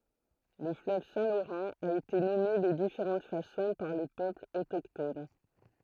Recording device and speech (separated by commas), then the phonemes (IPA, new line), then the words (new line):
throat microphone, read sentence
lə fløv sɛ̃ loʁɑ̃ a ete nɔme də difeʁɑ̃t fasɔ̃ paʁ le pøplz otokton
Le fleuve Saint-Laurent a été nommé de différentes façons par les peuples autochtones.